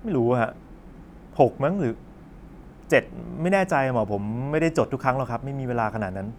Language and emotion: Thai, frustrated